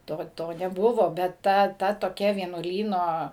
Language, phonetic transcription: Lithuanian, ˈto ˈto neˈbuvo bet ˈta ˈta toˈkia vienuoˈlyno

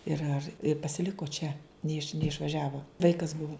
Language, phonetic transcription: Lithuanian, ˈir ar pasiˈliko čia neˈiš neišvaˈžiavo ˈvaikas ˈbuvo

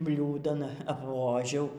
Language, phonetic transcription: Lithuanian, ˈbliūdan apˈvožiau

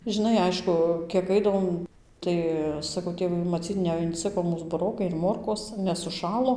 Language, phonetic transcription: Lithuanian, žiˈnai ˈaišku kiek ˈaidavom ˈtai saˈkau ˈtėvai maˈcyt neinˈciko ˈmūs buˈrokai ir ˈmorkos nes suˈšalo

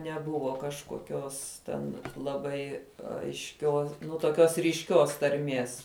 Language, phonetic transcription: Lithuanian, neˈbuvo kažkoˈkios ten laˈbai aišˈkio nu toˈkios ryšˈkios tarˈmies

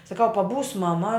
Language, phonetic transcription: Lithuanian, saˈkau paˈbūs maˈma

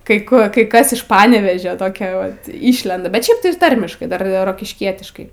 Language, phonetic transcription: Lithuanian, ˈkai ˈkur ˈkai ˈkas iš ˈpanevėžio toˈkio ˈvat ˈyšlenda bet ˈšiaip tai ir ˈtarmiškai ˈdar rokišˈkietiškai

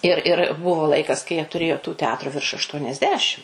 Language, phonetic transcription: Lithuanian, ir ir ˈbuvo ˈlaikas kai jie tuˈrėjo tų teˈatru virš ašˌtuoniasˈdešim

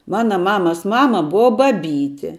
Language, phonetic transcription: Lithuanian, ˈmana ˈmamas ˈmama ˈbuva baˈbyti

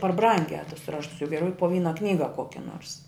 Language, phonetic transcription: Lithuanian, par ˈbrangiā tus ˈraštus jau geˈriau po ˈvyna ˈknyga ˈkokia nors

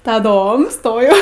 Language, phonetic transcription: Lithuanian, taˈdom ˈstojau

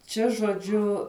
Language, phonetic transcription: Lithuanian, ˈčia žoˈdžiu

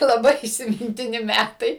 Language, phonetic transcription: Lithuanian, laˈbai įsimintiˈni ˈmætai

